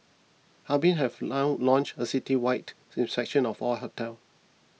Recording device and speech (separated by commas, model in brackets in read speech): mobile phone (iPhone 6), read sentence